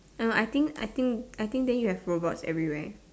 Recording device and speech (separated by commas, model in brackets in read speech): standing microphone, conversation in separate rooms